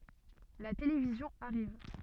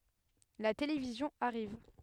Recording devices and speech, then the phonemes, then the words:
soft in-ear microphone, headset microphone, read sentence
la televizjɔ̃ aʁiv
La télévision arrive.

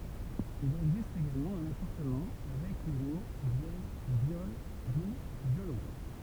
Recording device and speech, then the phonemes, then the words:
temple vibration pickup, read sentence
il ɛɡzist eɡalmɑ̃ œ̃n apaʁɑ̃tmɑ̃ avɛk le mo vjɛl e vjɔl du vjolɔ̃
Il existe également un apparentement avec les mots vièle et viole, d'où violon.

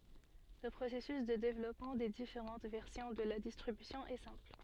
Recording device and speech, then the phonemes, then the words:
soft in-ear microphone, read sentence
lə pʁosɛsys də devlɔpmɑ̃ de difeʁɑ̃t vɛʁsjɔ̃ də la distʁibysjɔ̃ ɛ sɛ̃pl
Le processus de développement des différentes versions de la distribution est simple.

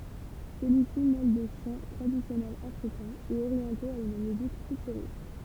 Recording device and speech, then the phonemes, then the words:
temple vibration pickup, read sentence
səlyi si mɛl de ʃɑ̃ tʁadisjɔnɛlz afʁikɛ̃z e oʁjɑ̃toz a yn myzik fytyʁist
Celui-ci mêle des chants traditionnels Africains et orientaux à une musique futuriste.

